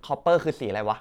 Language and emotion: Thai, neutral